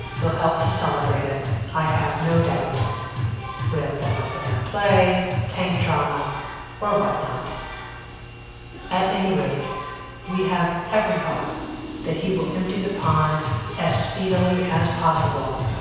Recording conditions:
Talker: one person; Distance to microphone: 7.1 m; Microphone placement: far; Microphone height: 1.7 m; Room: very reverberant, large; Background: music

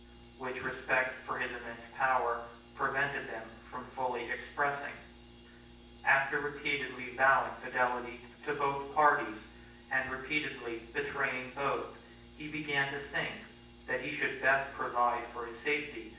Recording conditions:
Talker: one person; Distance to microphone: 9.8 m; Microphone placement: far; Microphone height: 1.8 m; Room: large; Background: none

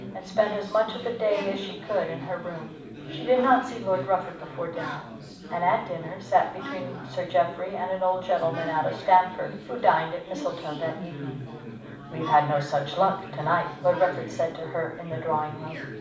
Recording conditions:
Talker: one person; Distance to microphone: 5.8 m; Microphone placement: far; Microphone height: 1.8 m; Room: medium-sized (5.7 m by 4.0 m); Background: babble

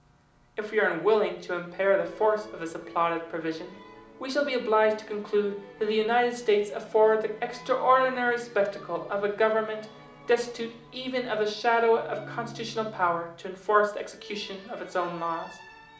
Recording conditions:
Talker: one person; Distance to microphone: 2.0 m; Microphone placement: close; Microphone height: 99 cm; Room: medium-sized (5.7 m by 4.0 m); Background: music

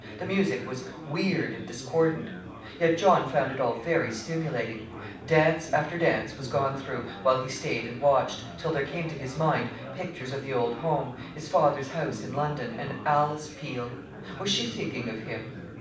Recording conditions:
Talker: one person; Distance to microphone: 5.8 m; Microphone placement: far; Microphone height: 1.8 m; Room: medium-sized (5.7 m by 4.0 m); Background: babble

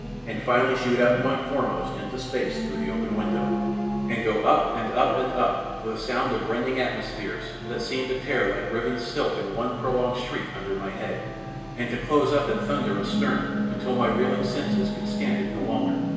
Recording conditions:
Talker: one person; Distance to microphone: 1.7 m; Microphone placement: close; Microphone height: 1.0 m; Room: very reverberant, large; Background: television

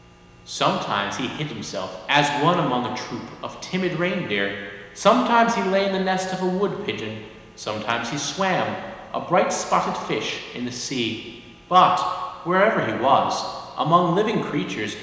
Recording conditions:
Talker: one person; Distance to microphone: 1.7 m; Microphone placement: close; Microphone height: 1.0 m; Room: very reverberant, large; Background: none

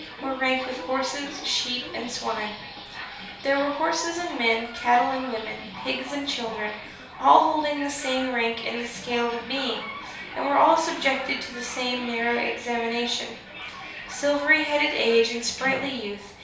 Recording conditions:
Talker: one person; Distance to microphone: 3.0 m; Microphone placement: far; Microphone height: 1.8 m; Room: small (3.7 m by 2.7 m); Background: television

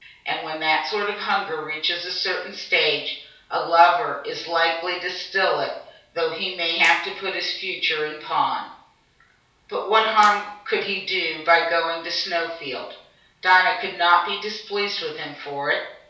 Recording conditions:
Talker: one person; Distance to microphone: 3.0 m; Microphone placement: far; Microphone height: 1.8 m; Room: small (3.7 m by 2.7 m); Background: none

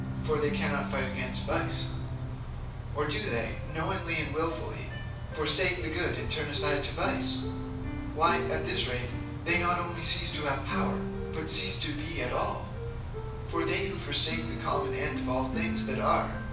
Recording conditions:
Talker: one person; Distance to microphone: 5.8 m; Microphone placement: far; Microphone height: 1.8 m; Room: medium-sized (5.7 m by 4.0 m); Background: music

